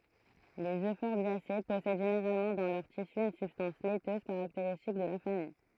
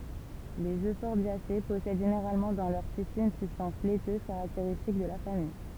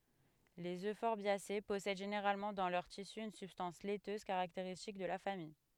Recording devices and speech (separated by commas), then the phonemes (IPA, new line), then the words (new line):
throat microphone, temple vibration pickup, headset microphone, read sentence
lez øfɔʁbjase pɔsɛd ʒeneʁalmɑ̃ dɑ̃ lœʁ tisy yn sybstɑ̃s lɛtøz kaʁakteʁistik də la famij
Les euphorbiacées possèdent généralement dans leurs tissus une substance laiteuse caractéristique de la famille.